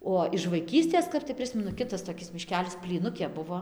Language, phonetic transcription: Lithuanian, ˈo iš vaiˈkystės ˈkap tai ˈprismenu ˈkitas toˈkis miˈškelis plyˈnukė ˈbuvo

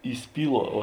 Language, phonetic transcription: Lithuanian, įˈspyˌluo o

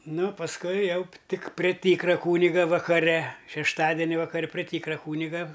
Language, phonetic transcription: Lithuanian, ˈnu pasˈkui ˈjau p ˈtik prė ˈtykra ˈkūniga vakaˈre šešˈtadeni vakaˈre prė ˈtykra ˈkūniga

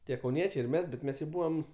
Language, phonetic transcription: Lithuanian, ˈtie kauˈniečiai ir ˈmes bet ˈmes jau ˈbūvam

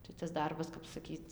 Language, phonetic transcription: Lithuanian, tai tas ˈdarbas kap saˈkyt

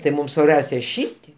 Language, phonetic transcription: Lithuanian, tai ˈmūm svarˈbiausia ˈšytie

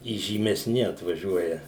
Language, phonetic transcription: Lithuanian, įžymeˈsni atvaˈžiuoja

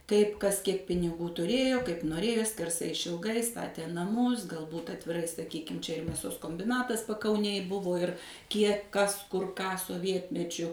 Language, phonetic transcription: Lithuanian, ˈtaip ˈkas ˈkiek piniˈgų tuˈrėjo kaip noˈrėjo skerˈsai išilˈgai ˈstatė naˈmus galˈbūt atviˈrai saˈkykim ˈčia ir mėˈsos kombiˈnatas pakauˈnėj ˈbuvo ir ˈkiek ˈkas ˈkur ˈką soˈvietmečiu

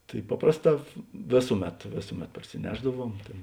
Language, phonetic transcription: Lithuanian, ˈtai ˈpaprasˌtā ˈvėsuˌmet ˈvėsuˌmet parsiˈnešdaˌvuom ˈtėn

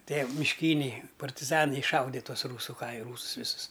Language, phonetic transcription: Lithuanian, ˈtie mišˈkyniai partiˈzanai išˈšaude ˈtuos ˈrūsu ˈkai ˈrūsus ˈvisus

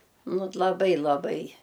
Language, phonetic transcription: Lithuanian, ˈnu t laˈbai laˈbai

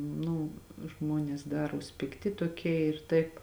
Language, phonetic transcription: Lithuanian, ˈnu ˈžmuonės ˈdaruos pikˈti toˈkie ir ˈtaip

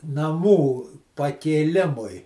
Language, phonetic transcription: Lithuanian, naˈmų pakėˈlimui

